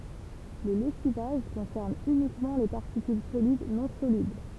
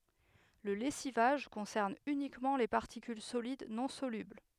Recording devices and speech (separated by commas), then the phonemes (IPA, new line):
temple vibration pickup, headset microphone, read sentence
lə lɛsivaʒ kɔ̃sɛʁn ynikmɑ̃ le paʁtikyl solid nɔ̃ solybl